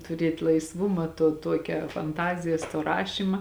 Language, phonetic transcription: Lithuanian, tuˈriet' laisˈvuma tuo ˈtuokia fanˈtazijas to ˈrašyma

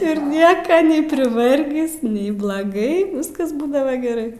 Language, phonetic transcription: Lithuanian, ir ˈnieka nei priˈvargis nei blaˈgai ˈviskasˈbūdava geˈrai

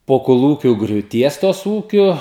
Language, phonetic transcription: Lithuanian, po koˈlūkių griūˈties ˈtos ˈūkiu

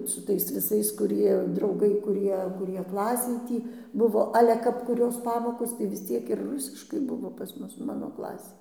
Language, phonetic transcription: Lithuanian, su ˈtais viˈsais kuˈrie drauˈgai kuˈrie kuˈrie ˈklasėj ˈtį ˈbuvo ˈale kap kuˈrios ˈpamokos tai vis ˈciek ir ˈrusiškai ˈbuvo pas ˈmus ˈmano ˈklasėj

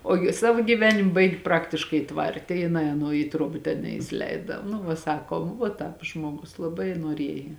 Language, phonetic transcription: Lithuanian, ˈogi ˈsavo gyˈvenim ˈbaigi ˈpraktiškai ˈtvarte jiˈnai aˈnuo į ˈtruoba ten neisiˈleida nu ˈva ˈsakom vuo ˈtāp ˈžmuogus laˈbai nuoˈrieja

